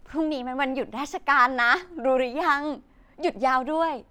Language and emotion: Thai, happy